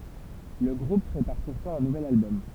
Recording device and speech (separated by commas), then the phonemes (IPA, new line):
temple vibration pickup, read sentence
lə ɡʁup pʁepaʁ puʁtɑ̃ œ̃ nuvɛl albɔm